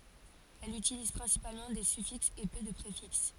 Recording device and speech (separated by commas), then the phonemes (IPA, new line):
forehead accelerometer, read sentence
ɛl ytiliz pʁɛ̃sipalmɑ̃ de syfiksz e pø də pʁefiks